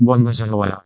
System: VC, vocoder